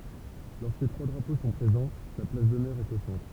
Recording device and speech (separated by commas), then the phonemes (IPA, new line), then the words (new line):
temple vibration pickup, read sentence
lɔʁskə tʁwa dʁapo sɔ̃ pʁezɑ̃ la plas dɔnœʁ ɛt o sɑ̃tʁ
Lorsque trois drapeaux sont présents, la place d'honneur est au centre.